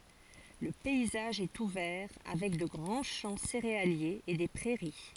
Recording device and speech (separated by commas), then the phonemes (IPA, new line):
forehead accelerometer, read sentence
lə pɛizaʒ ɛt uvɛʁ avɛk də ɡʁɑ̃ ʃɑ̃ seʁealjez e de pʁɛʁi